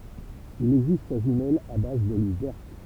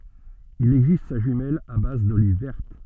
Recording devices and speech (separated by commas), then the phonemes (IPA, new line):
temple vibration pickup, soft in-ear microphone, read sentence
il ɛɡzist sa ʒymɛl a baz doliv vɛʁt